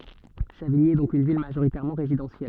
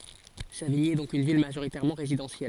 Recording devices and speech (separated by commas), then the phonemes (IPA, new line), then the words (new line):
soft in-ear microphone, forehead accelerometer, read sentence
saviɲi ɛ dɔ̃k yn vil maʒoʁitɛʁmɑ̃ ʁezidɑ̃sjɛl
Savigny est donc une ville majoritairement résidentielle.